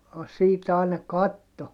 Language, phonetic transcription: Finnish, siit ‿ài̮na katto .
- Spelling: siitä aina katsoi

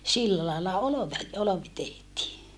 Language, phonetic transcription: Finnish, sillä lailla olove , olovi tehtii .
- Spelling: sillä lailla - olvi tehtiin

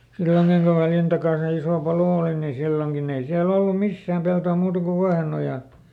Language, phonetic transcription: Finnish, "silloŋkiŋ ku ˈVäljän takàn̬ se ˈisò ˈpalò òli ni ˈsilloŋkin ‿ei siäˈl ‿ollu "missääm ˈpeltò muuta ku ˈVuahenojan ,.
- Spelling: silloinkin kun Väljän takana se iso palo oli niin silloinkin ei siellä ollut missään peltoa muuta kuin Vuohenojan

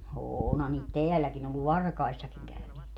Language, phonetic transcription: Finnish, "oonha niit "teälläkin ‿ollu "varkaissakiŋ käyneet .
- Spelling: onhan niitä täälläkin ollut varkaissakin käyneet

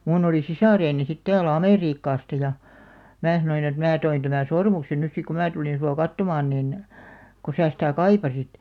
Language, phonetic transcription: Finnish, 'muun ‿oli "sisàreeni sit 'täälᵃ̈ "amèriikkaasta ja , 'mää sanoin ‿et » 'mää toin tämän̬ "sormuksen nys sik ko 'mää tulin sua 'kattomaan nin , ko 'sää sitä̀ "kaipasit « .
- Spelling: minun oli sisareni sitten täällä Amerikasta ja minä sanoin että minä toin tämän sormuksen nyt sitten kun minä tulin sinua katsomaan niin kun sinä sitä kaipasit

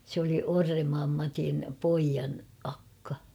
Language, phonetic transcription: Finnish, sᵉ ‿oli 'Orremmaam Matin , 'poijan 'akka .
- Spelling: se oli Orrenmaan Matin pojan akka

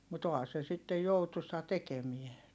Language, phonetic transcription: Finnish, mut ‿oha se sittej joutusa tekemie .
- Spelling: mutta onhan se sitten joutuisaa tekeminen

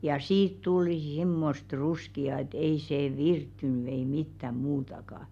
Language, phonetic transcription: Finnish, ja 'siit tulⁱ "s̬immost 'ruski₍a et 'ei see "virttyny ei 'mittäm̆ muutaka .
- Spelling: ja siitä tuli semmoista ruskeaa että ei se virttynyt ei mitään muutakaan

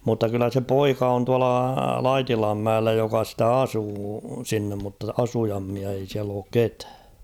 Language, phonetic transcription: Finnish, mutta 'kyllä se "poika on tuala "Laitilam'mäellä joka stä "asuu 'sinnem mutta 'asujammia ei siäl ‿ook "ketᴀ̈ᴀ̈ .
- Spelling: mutta kyllä se poika on tuolla Laitilanmäellä joka sitä asuu sinne mutta asujaimia ei siellä ole ketään

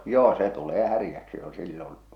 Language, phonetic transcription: Finnish, 'joo se tulee 'härⁱjäksi jo sillon .
- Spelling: joo se tulee häräksi jo silloin

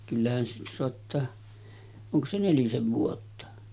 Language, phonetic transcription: Finnish, kyllähän siitä soattaa , 'oŋko se 'nelisev vuotta .
- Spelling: kyllähän siitä saattaa onko se nelisen vuotta

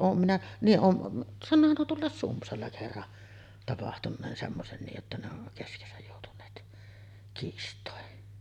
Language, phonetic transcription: Finnish, 'oom minä , niiˀ ˀoom m- , 'sannoohan nuo 'tuollàes "Sumpsalla kerran , tapahtun̆neen 'semmosen nii’ ’että ne on , keskesäj jòutun̆neet , kiist̀òen .
- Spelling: olen minä niin olen - sanoohan nuo tuolla Sumpsalla kerran tapahtuneen semmoisen niin että ne on keskenänsä joutuneet kiistoihin

